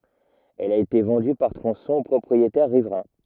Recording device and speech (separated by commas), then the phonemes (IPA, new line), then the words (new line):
rigid in-ear microphone, read sentence
ɛl a ete vɑ̃dy paʁ tʁɔ̃sɔ̃z o pʁɔpʁietɛʁ ʁivʁɛ̃
Elle a été vendue par tronçons aux propriétaires riverains.